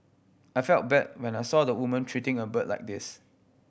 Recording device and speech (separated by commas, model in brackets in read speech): boundary microphone (BM630), read sentence